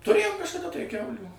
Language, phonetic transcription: Lithuanian, tuˈrėjom kažkaˈda tai ˈkiaulių

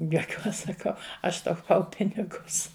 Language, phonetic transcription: Lithuanian, juoˈkiuos saˈkau ˈaš tauˈpau ˈpinigus

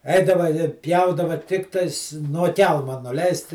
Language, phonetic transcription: Lithuanian, ˈeidava i ˈpjaudava ˈtiktais nuo ˈkelma nuˈleist

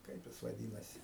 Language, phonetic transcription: Lithuanian, ˈkaip jis vaˈdynasi

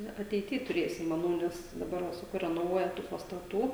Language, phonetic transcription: Lithuanian, ˈnu ateiˈty tuˈrėsim maˈnau nes daˈbar va saˈkau renoˈvuoja tų pastaˈtų

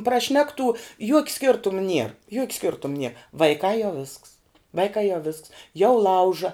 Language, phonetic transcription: Lithuanian, praˈšnektų juok' ˈskirtum nier juok' ˈskirtum nie vaiˈkā jau visks ˈvaikā jau visks jau ˈlauža

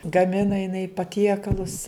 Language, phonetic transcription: Lithuanian, gaˈmina jiˈnai paˈtiekalus

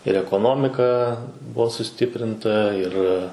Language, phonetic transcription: Lithuanian, ir ekoˈnomika ˈbuo suˈstiprinta ir

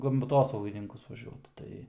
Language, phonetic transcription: Lithuanian, pas gamˈtosaugininkus vaˈžiuot ˈtai

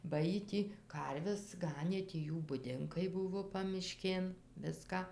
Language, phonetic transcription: Lithuanian, ba ˈjy ˈtį ˈkarves ˈganė tį ˈjų buˈdinkai ˈbuvo pamiˈškėn ˈviska

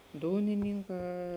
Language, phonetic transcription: Lithuanian, ˈdūninynˌkā

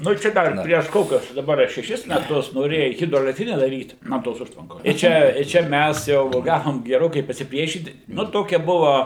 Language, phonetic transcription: Lithuanian, ˈnu ˈčia ˈdar prieš ˈkokius daˈbar a šeˈšis meˈtus noˈrėja ˌhidroelekˈtrine daˈryt ˈnuo tos ˈužtvankos i ˈčia i ˈčia ˈmæs jau ˈgavom geˈrokai pasiˈpriešyt ˈnu ˈtokia ˈbuva

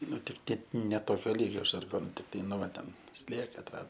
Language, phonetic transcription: Lithuanian, ˈnu tik ˈtie ne ˈtokio ˈlygio žarˈgonu tikˈtai nu ˈva ten ˈslieka atˈrado

